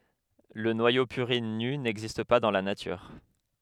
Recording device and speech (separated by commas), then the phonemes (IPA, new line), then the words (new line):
headset microphone, read sentence
lə nwajo pyʁin ny nɛɡzist pa dɑ̃ la natyʁ
Le noyau purine nu n'existe pas dans la nature.